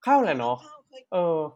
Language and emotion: Thai, neutral